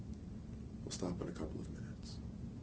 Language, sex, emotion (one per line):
English
male
neutral